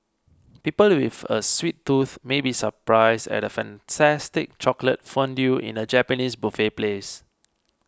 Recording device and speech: close-talking microphone (WH20), read sentence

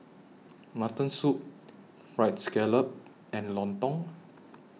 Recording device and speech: mobile phone (iPhone 6), read sentence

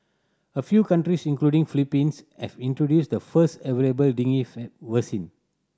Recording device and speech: standing microphone (AKG C214), read sentence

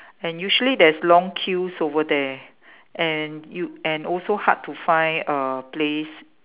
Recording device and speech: telephone, conversation in separate rooms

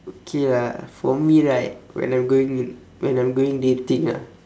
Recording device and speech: standing microphone, conversation in separate rooms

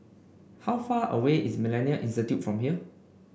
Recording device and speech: boundary microphone (BM630), read sentence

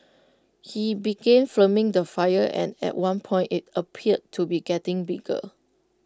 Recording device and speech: close-talking microphone (WH20), read sentence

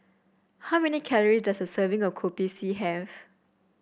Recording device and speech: boundary microphone (BM630), read sentence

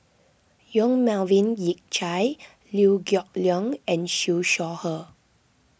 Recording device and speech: boundary microphone (BM630), read sentence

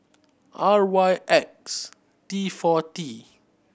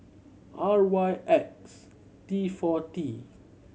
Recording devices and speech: boundary microphone (BM630), mobile phone (Samsung C7100), read sentence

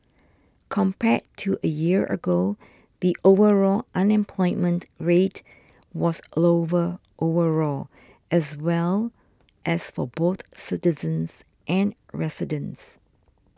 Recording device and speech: standing microphone (AKG C214), read sentence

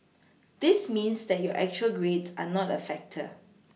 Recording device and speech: mobile phone (iPhone 6), read sentence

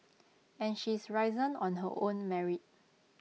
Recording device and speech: mobile phone (iPhone 6), read sentence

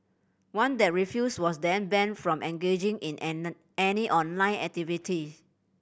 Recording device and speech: boundary microphone (BM630), read sentence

